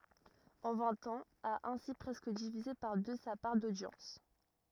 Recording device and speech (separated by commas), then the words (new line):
rigid in-ear microphone, read sentence
En vingt ans, a ainsi presque divisé par deux sa part d'audience.